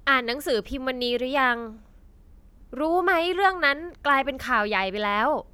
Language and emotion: Thai, frustrated